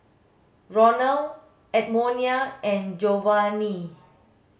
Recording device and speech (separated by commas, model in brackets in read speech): mobile phone (Samsung S8), read sentence